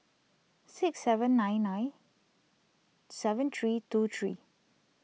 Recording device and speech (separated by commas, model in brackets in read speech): mobile phone (iPhone 6), read sentence